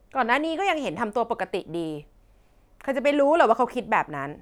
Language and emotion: Thai, frustrated